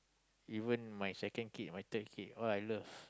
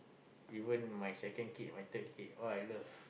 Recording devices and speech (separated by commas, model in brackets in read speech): close-talking microphone, boundary microphone, conversation in the same room